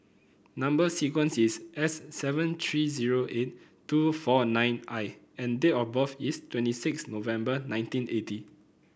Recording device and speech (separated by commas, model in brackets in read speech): boundary microphone (BM630), read sentence